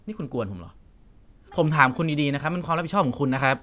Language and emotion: Thai, frustrated